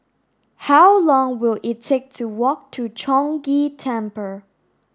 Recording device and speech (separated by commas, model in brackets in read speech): standing microphone (AKG C214), read sentence